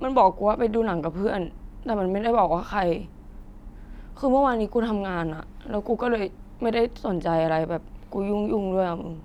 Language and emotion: Thai, sad